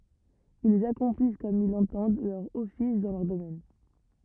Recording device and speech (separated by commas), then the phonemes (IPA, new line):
rigid in-ear microphone, read sentence
ilz akɔ̃plis kɔm il lɑ̃tɑ̃d lœʁ ɔfis dɑ̃ lœʁ domɛn